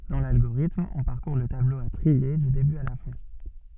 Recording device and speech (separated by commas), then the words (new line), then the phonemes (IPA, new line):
soft in-ear microphone, read sentence
Dans l'algorithme, on parcourt le tableau à trier du début à la fin.
dɑ̃ lalɡoʁitm ɔ̃ paʁkuʁ lə tablo a tʁie dy deby a la fɛ̃